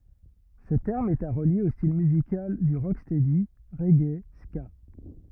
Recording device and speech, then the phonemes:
rigid in-ear microphone, read sentence
sə tɛʁm ɛt a ʁəlje o stil myzikal dy ʁokstɛdi ʁɛɡe ska

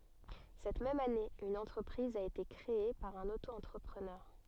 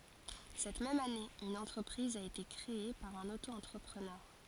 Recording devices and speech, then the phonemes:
soft in-ear microphone, forehead accelerometer, read sentence
sɛt mɛm ane yn ɑ̃tʁəpʁiz a ete kʁee paʁ œ̃n oto ɑ̃tʁəpʁənœʁ

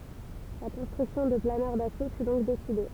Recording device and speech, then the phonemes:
temple vibration pickup, read sentence
la kɔ̃stʁyksjɔ̃ də planœʁ daso fy dɔ̃k deside

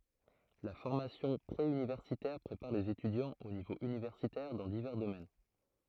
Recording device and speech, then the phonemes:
throat microphone, read sentence
la fɔʁmasjɔ̃ pʁe ynivɛʁsitɛʁ pʁepaʁ lez etydjɑ̃z o nivo ynivɛʁsitɛʁ dɑ̃ divɛʁ domɛn

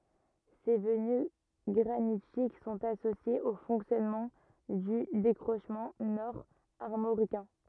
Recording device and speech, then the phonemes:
rigid in-ear microphone, read sentence
se vəny ɡʁanitik sɔ̃t asosjez o fɔ̃ksjɔnmɑ̃ dy dekʁoʃmɑ̃ nɔʁ aʁmoʁikɛ̃

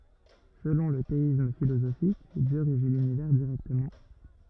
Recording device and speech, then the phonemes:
rigid in-ear microphone, read sentence
səlɔ̃ lə teism filozofik djø ʁeʒi lynivɛʁ diʁɛktəmɑ̃

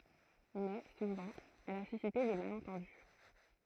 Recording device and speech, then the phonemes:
throat microphone, read sentence
mɛ suvɑ̃ ɛl a sysite de malɑ̃tɑ̃dy

